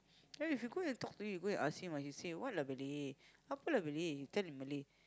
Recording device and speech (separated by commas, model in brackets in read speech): close-talking microphone, conversation in the same room